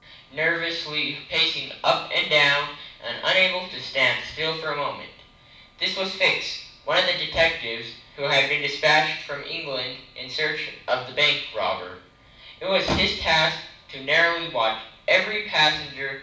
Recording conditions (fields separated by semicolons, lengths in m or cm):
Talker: one person; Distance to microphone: 5.8 m; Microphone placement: far; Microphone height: 1.8 m; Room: medium-sized (5.7 m by 4.0 m); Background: none